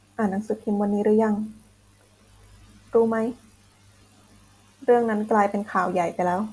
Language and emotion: Thai, sad